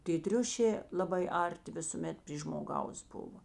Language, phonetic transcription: Lithuanian, tė ˈtriušė laˈbai ˈarˌti visuˈmet pry žmoˈgaus ˈbuvo

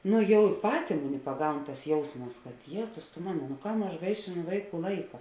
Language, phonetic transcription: Lithuanian, ˈnu ˈjau ˈpatė ˈmuˌni paˈgaun tas ˈjausmas kad ˈjėtus tu ˈmano nu ˈkam aš ˈgaišėˌnu ˈvaiˌkų ˈlaika

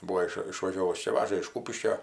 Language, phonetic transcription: Lithuanian, ˈbūo iš išvaˈžiovus ˈčia ˈvaža iš ˈkūpiškio

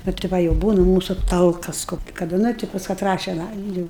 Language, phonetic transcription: Lithuanian, ˈnu ti ˈva jau ˈbūna ˈmūsu ˈtalkas ˈkoki kaˈda ˈnu ti pas kaˈtrą ˈšian ˈajam ˈjūu

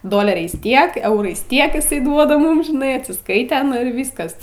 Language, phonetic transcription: Lithuanian, ˈdoleriais ˈtiek ˈeurais ˈtiek iˈsai ˈduoda ˈmum žiˈnai atsisˈkaite ir ˈvyskas

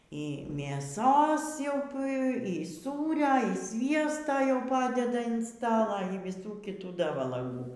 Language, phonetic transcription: Lithuanian, y mėˈsos jau p y ˈsūria ir ˈsviesto jau ˈpadeda in ˈstala y viˈsų kiˈtų ˈda valaˈgų

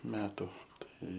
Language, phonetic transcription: Lithuanian, ˈmetu ˈtai

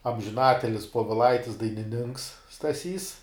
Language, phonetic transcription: Lithuanian, amžiˈnatilis poviˈlaitis dainiˈninks staˈsys

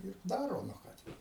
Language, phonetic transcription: Lithuanian, ir ˈdaro nu ˈką ten

